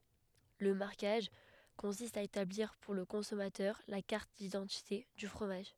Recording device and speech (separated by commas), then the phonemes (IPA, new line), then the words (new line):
headset microphone, read sentence
lə maʁkaʒ kɔ̃sist a etabliʁ puʁ lə kɔ̃sɔmatœʁ la kaʁt didɑ̃tite dy fʁomaʒ
Le marquage consiste à établir pour le consommateur la carte d’identité du fromage.